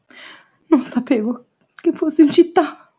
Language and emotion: Italian, fearful